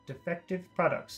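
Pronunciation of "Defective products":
Every syllable in 'defective products' is said short.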